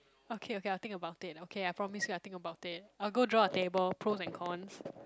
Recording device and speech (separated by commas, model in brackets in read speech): close-talking microphone, conversation in the same room